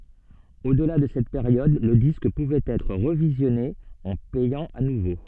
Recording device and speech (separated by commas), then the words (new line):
soft in-ear microphone, read sentence
Au-delà de cette période le disque pouvait être revisionné en payant à nouveau.